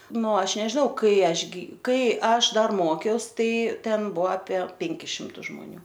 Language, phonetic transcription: Lithuanian, ˈnu ˈaš nežiˈnau ˈkai ˈaš gi ˈkai ˈaš ˈdar ˈmokiaus ˈtai ˈten ˈbua apie ˈpenkis ˈšimtus žmoˈnių

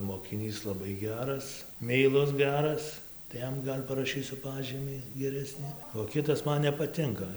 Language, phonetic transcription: Lithuanian, mokiˈnys laˈbai ˈgeras meiˈlus ˈgeras tai ˈjam ˈgal' paraˈšysiu ˈpažymį geˈresni o ˈkitas ˈman nepaˈtinka

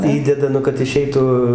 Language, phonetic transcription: Lithuanian, ˈįdeda ˈnu kad iˈšeitų

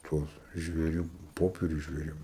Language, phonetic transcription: Lithuanian, ˈtuos žvėˈrių ˈpoperius žvėˈrių

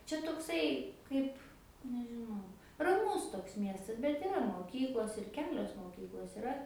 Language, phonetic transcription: Lithuanian, čia tokˈsai ˈkaip nežiˈnau raˈmus toks ˈmiestas bet iˈra moˈkyklos ir ˈkelios moˈkyklos iˈra

